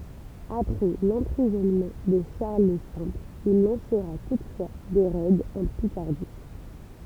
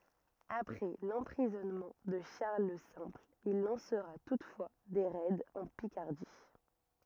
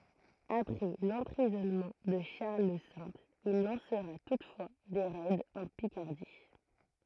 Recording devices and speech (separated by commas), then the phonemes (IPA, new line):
temple vibration pickup, rigid in-ear microphone, throat microphone, read sentence
apʁɛ lɑ̃pʁizɔnmɑ̃ də ʃaʁl lə sɛ̃pl il lɑ̃sʁa tutfwa de ʁɛdz ɑ̃ pikaʁdi